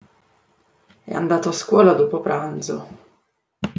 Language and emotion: Italian, sad